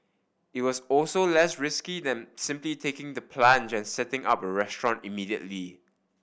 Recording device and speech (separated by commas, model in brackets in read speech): boundary microphone (BM630), read sentence